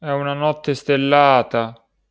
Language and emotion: Italian, sad